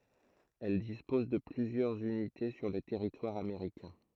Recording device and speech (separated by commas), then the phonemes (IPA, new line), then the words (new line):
throat microphone, read sentence
ɛl dispɔz də plyzjœʁz ynite syʁ lə tɛʁitwaʁ ameʁikɛ̃
Elle dispose de plusieurs unités sur le territoire américain.